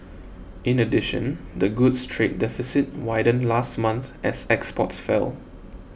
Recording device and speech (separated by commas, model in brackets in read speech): boundary microphone (BM630), read sentence